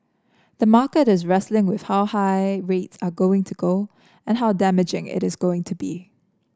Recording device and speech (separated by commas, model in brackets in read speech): standing microphone (AKG C214), read sentence